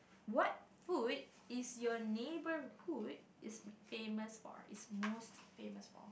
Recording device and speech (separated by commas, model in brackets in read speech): boundary microphone, conversation in the same room